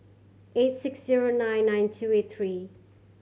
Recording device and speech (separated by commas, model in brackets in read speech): mobile phone (Samsung C7100), read sentence